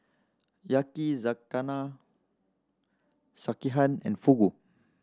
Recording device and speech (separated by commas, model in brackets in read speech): standing microphone (AKG C214), read sentence